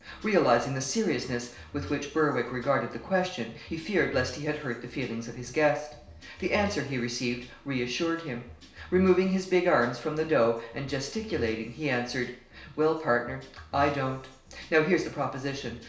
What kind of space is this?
A compact room (about 3.7 m by 2.7 m).